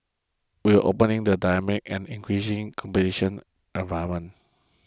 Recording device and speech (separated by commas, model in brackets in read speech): close-talking microphone (WH20), read sentence